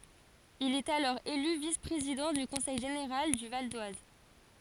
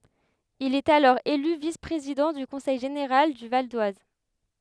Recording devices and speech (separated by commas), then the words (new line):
forehead accelerometer, headset microphone, read sentence
Il est alors élu vice-président du conseil général du Val-d'Oise.